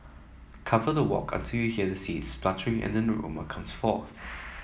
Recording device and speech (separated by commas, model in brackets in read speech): mobile phone (iPhone 7), read sentence